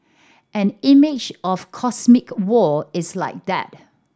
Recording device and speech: standing microphone (AKG C214), read sentence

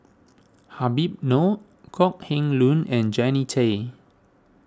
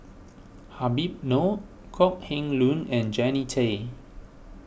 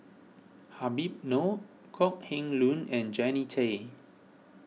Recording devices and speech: standing microphone (AKG C214), boundary microphone (BM630), mobile phone (iPhone 6), read sentence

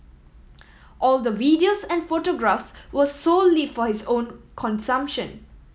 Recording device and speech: mobile phone (iPhone 7), read sentence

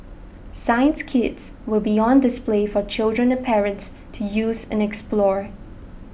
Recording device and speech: boundary microphone (BM630), read sentence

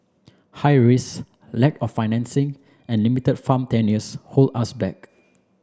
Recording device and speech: standing microphone (AKG C214), read sentence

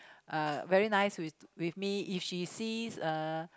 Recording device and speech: close-talking microphone, conversation in the same room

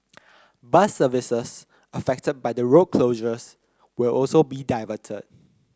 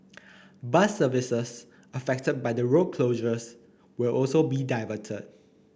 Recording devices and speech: close-talking microphone (WH30), boundary microphone (BM630), read sentence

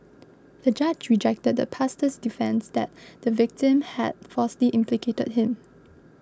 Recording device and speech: close-talking microphone (WH20), read sentence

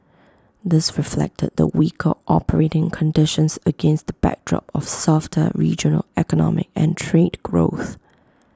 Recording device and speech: close-talking microphone (WH20), read sentence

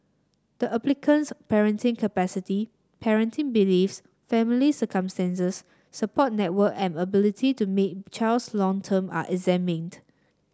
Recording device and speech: standing microphone (AKG C214), read sentence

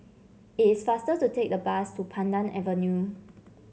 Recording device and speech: mobile phone (Samsung C7), read sentence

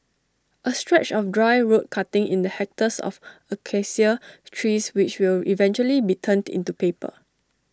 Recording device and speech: standing microphone (AKG C214), read sentence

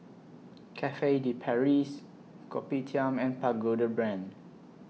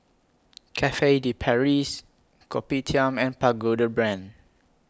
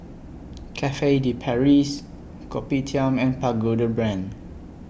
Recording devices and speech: mobile phone (iPhone 6), close-talking microphone (WH20), boundary microphone (BM630), read sentence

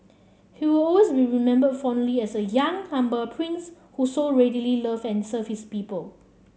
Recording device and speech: mobile phone (Samsung C7), read sentence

